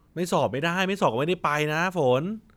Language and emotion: Thai, frustrated